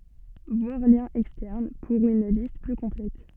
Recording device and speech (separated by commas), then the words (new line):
soft in-ear microphone, read sentence
Voir Liens Externes pour une liste plus complète.